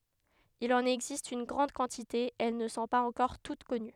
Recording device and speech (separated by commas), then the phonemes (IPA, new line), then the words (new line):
headset microphone, read sentence
il ɑ̃n ɛɡzist yn ɡʁɑ̃d kɑ̃tite e ɛl nə sɔ̃ paz ɑ̃kɔʁ tut kɔny
Il en existe une grande quantité et elles ne sont pas encore toutes connues.